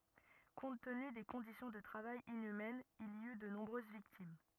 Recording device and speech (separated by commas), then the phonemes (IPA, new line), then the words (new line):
rigid in-ear microphone, read sentence
kɔ̃t təny de kɔ̃disjɔ̃ də tʁavaj inymɛnz il i y də nɔ̃bʁøz viktim
Compte tenu des conditions de travail inhumaines, il y eut de nombreuses victimes.